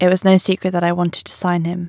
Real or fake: real